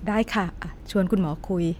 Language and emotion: Thai, neutral